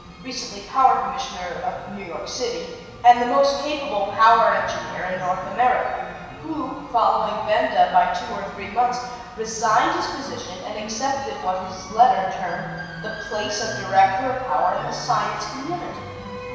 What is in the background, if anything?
Music.